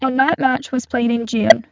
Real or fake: fake